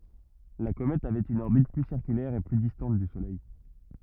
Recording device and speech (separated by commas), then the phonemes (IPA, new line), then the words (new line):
rigid in-ear microphone, read sentence
la komɛt avɛt yn ɔʁbit ply siʁkylɛʁ e ply distɑ̃t dy solɛj
La comète avait une orbite plus circulaire et plus distante du Soleil.